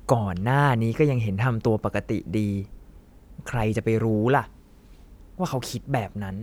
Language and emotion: Thai, frustrated